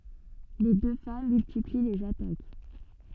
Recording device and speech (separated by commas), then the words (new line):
soft in-ear microphone, read sentence
Les deux femmes multiplient les attaques.